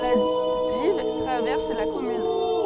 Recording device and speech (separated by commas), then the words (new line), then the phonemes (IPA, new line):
soft in-ear microphone, read sentence
La Dives traverse la commune.
la div tʁavɛʁs la kɔmyn